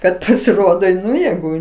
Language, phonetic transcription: Lithuanian, ˈkad pasiˈrodo ˈnu jėˈgu

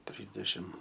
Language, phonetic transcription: Lithuanian, ˈtrysdešim

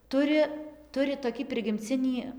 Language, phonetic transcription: Lithuanian, ˈturi ˈturi toˈkį prigimˈcinį

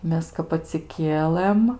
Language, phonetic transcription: Lithuanian, ˈmes kap atsiˈkielɘm

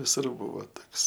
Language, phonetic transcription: Lithuanian, viˈsur ˈbuvo ˈtoks

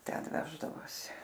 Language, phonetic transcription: Lithuanian, ˈten ˈveždavosi

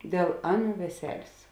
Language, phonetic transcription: Lithuanian, dėl ˈaˌnų veˈselės

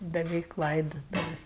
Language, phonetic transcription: Lithuanian, beˈveik ˈlaidotuvės'

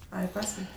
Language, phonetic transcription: Lithuanian, ˈai i ˈpasval'

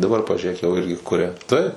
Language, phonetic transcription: Lithuanian, daˈbar pažiuˈrėk jau ˈirgi ˈkuria taip

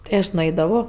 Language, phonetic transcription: Lithuanian, tai ˈaš nuˈaidavo

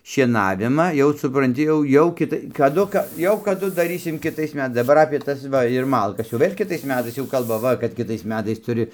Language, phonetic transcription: Lithuanian, šieˈnavimą jau supranˈti jau ˈjau ˈkitai kaˈdu ka ˈjau kaˈdu daˈrysim kiˈtais meˈtais daˈbar apė ˈtas ˈva ir ˈmalkas jau ˈvėl' kiˈtais ˈmetais jau ˈkalba ˈva kad ˈkitais ˈmetais tuˈri

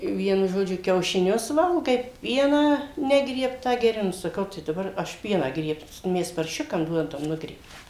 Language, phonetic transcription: Lithuanian, ˈvienu žoˈdžiu kiaušiˈnius ˈvalgai ˈpieną ˈnegriebtą geˈri ˈnu saˈkau tai daˈbar aš ˈpieną ˈgriebs ˈmes parˈšiukam ˈduodam ˈnugriebtą

